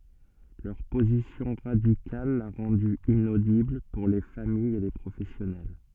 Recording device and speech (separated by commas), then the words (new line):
soft in-ear microphone, read sentence
Leur position radicale l'a rendu inaudible pour les familles et les professionnels.